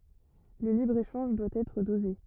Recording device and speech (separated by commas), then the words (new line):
rigid in-ear microphone, read sentence
Le libre-échange doit être dosé.